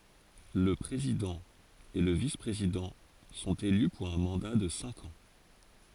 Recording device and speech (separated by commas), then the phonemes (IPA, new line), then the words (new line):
forehead accelerometer, read sentence
lə pʁezidɑ̃ e lə vispʁezidɑ̃ sɔ̃t ely puʁ œ̃ mɑ̃da də sɛ̃k ɑ̃
Le président et le vice-président sont élus pour un mandat de cinq ans.